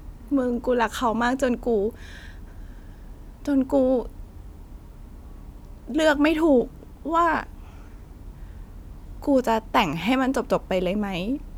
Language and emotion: Thai, sad